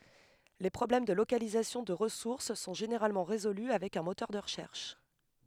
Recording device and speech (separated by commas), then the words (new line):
headset microphone, read sentence
Les problèmes de localisation de ressource sont généralement résolus avec un moteur de recherche.